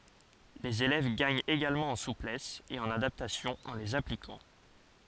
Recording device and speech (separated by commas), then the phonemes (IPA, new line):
forehead accelerometer, read sentence
lez elɛv ɡaɲt eɡalmɑ̃ ɑ̃ suplɛs e ɑ̃n adaptasjɔ̃ ɑ̃ lez aplikɑ̃